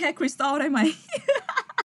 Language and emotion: Thai, happy